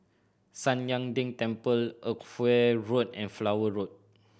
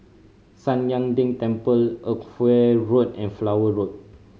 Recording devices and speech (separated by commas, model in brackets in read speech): boundary microphone (BM630), mobile phone (Samsung C5010), read sentence